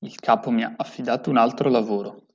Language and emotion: Italian, neutral